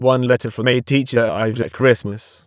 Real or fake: fake